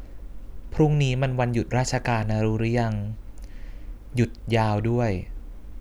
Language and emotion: Thai, frustrated